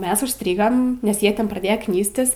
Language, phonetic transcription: Lithuanian, ˈmes užˈstrygam nes ˈjie ˈten praˈdėja ˈknystis

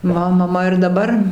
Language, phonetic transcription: Lithuanian, ˈma maˈma ir daˈbar

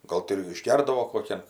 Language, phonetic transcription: Lithuanian, ˈgol ti ir išˈgerdavo koˈkian

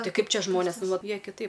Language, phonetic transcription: Lithuanian, ˈtai ˈkaip ˈčia ˈžmonės ˈnu ˈvat ˈjie kiˈtaip

